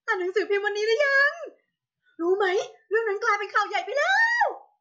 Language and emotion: Thai, happy